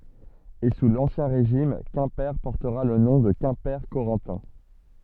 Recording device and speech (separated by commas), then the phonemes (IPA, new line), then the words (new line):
soft in-ear microphone, read sentence
e su lɑ̃sjɛ̃ ʁeʒim kɛ̃pe pɔʁtəʁa lə nɔ̃ də kɛ̃pɛʁkoʁɑ̃tɛ̃
Et sous l'Ancien Régime Quimper portera le nom de Quimper-Corentin.